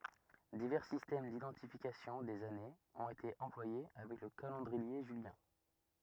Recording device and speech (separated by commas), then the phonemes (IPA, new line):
rigid in-ear microphone, read sentence
divɛʁ sistɛm didɑ̃tifikasjɔ̃ dez anez ɔ̃t ete ɑ̃plwaje avɛk lə kalɑ̃dʁie ʒyljɛ̃